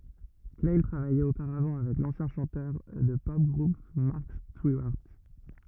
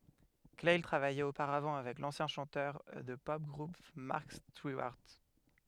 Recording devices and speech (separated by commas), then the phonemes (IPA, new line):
rigid in-ear microphone, headset microphone, read sentence
klaj tʁavajɛt opaʁavɑ̃ avɛk lɑ̃sjɛ̃ ʃɑ̃tœʁ də tə pɔp ɡʁup mɑʁk stiwaʁt